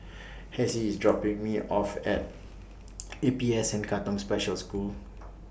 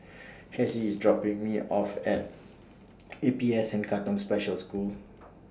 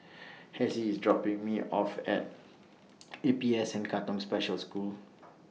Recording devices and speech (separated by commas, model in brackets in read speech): boundary microphone (BM630), standing microphone (AKG C214), mobile phone (iPhone 6), read sentence